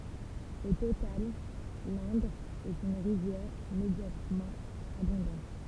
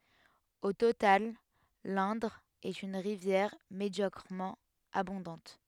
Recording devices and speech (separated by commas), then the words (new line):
temple vibration pickup, headset microphone, read sentence
Au total, l'Indre est une rivière médiocrement abondante.